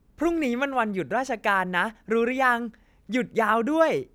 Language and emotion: Thai, happy